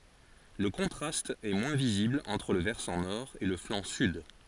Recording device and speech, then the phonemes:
forehead accelerometer, read sentence
lə kɔ̃tʁast ɛ mwɛ̃ vizibl ɑ̃tʁ lə vɛʁsɑ̃ nɔʁ e lə flɑ̃ syd

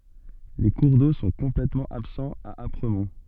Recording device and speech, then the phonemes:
soft in-ear microphone, read sentence
le kuʁ do sɔ̃ kɔ̃plɛtmɑ̃ absɑ̃z a apʁəmɔ̃

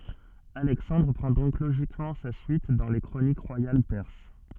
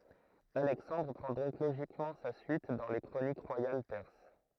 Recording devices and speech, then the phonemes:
soft in-ear microphone, throat microphone, read sentence
alɛksɑ̃dʁ pʁɑ̃ dɔ̃k loʒikmɑ̃ sa syit dɑ̃ le kʁonik ʁwajal pɛʁs

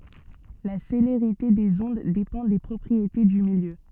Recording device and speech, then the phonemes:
soft in-ear microphone, read sentence
la seleʁite dez ɔ̃d depɑ̃ de pʁɔpʁiete dy miljø

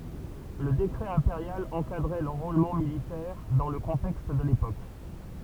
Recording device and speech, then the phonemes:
temple vibration pickup, read sentence
lə dekʁɛ ɛ̃peʁjal ɑ̃kadʁɛ lɑ̃ʁolmɑ̃ militɛʁ dɑ̃ lə kɔ̃tɛkst də lepok

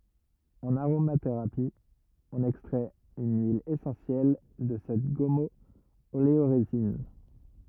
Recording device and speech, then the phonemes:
rigid in-ear microphone, read sentence
ɑ̃n aʁomateʁapi ɔ̃n ɛkstʁɛt yn yil esɑ̃sjɛl də sɛt ɡɔmɔoleoʁezin

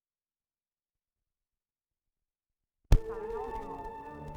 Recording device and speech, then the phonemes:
rigid in-ear microphone, read sentence
lə səkʁetaʁja ɛ təny a tuʁ də ʁol paʁ lœ̃ de mɑ̃bʁ

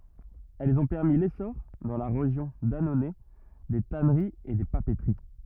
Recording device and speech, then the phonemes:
rigid in-ear microphone, read sentence
ɛlz ɔ̃ pɛʁmi lesɔʁ dɑ̃ la ʁeʒjɔ̃ danonɛ de tanəʁiz e de papətəʁi

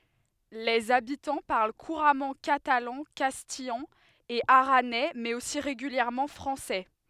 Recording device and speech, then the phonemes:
headset microphone, read sentence
lez abitɑ̃ paʁl kuʁamɑ̃ katalɑ̃ kastijɑ̃ e aʁanɛ mɛz osi ʁeɡyljɛʁmɑ̃ fʁɑ̃sɛ

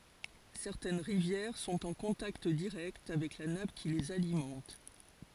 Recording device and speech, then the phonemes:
forehead accelerometer, read sentence
sɛʁtɛn ʁivjɛʁ sɔ̃t ɑ̃ kɔ̃takt diʁɛkt avɛk la nap ki lez alimɑ̃t

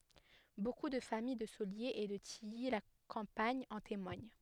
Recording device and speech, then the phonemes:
headset microphone, read sentence
boku də famij də soljez e də tiji la kɑ̃paɲ ɑ̃ temwaɲ

